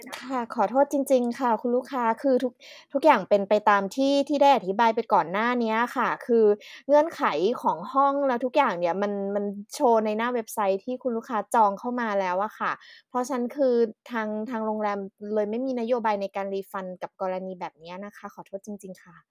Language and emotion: Thai, sad